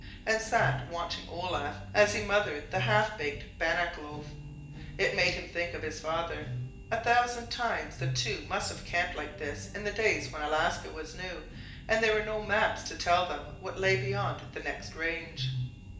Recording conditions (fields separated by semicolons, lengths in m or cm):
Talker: one person; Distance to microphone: 1.8 m; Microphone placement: close; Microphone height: 1.0 m; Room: large; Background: music